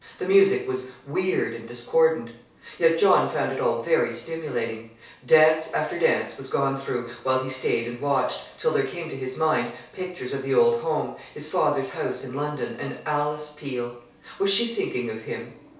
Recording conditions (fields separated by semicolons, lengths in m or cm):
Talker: one person; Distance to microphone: 3.0 m; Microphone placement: far; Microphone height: 1.8 m; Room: small (3.7 m by 2.7 m); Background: television